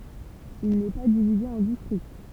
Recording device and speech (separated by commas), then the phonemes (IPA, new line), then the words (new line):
temple vibration pickup, read sentence
il nɛ pa divize ɑ̃ distʁikt
Il n'est pas divisé en districts.